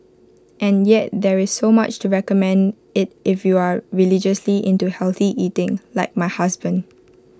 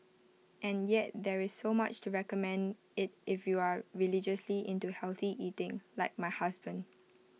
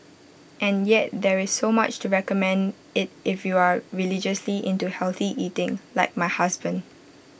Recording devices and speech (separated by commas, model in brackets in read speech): close-talking microphone (WH20), mobile phone (iPhone 6), boundary microphone (BM630), read sentence